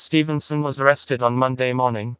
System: TTS, vocoder